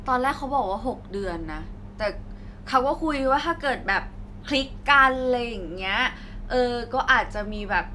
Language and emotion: Thai, neutral